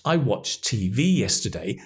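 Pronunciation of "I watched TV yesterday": In 'watched TV', the d sound of the past tense is dropped, so 'watched' sounds like the present 'watch'.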